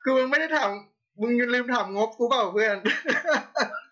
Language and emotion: Thai, happy